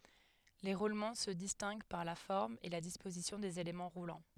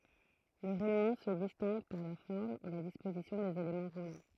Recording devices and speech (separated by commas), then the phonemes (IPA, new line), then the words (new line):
headset microphone, throat microphone, read sentence
le ʁulmɑ̃ sə distɛ̃ɡ paʁ la fɔʁm e la dispozisjɔ̃ dez elemɑ̃ ʁulɑ̃
Les roulements se distinguent par la forme et la disposition des éléments roulants.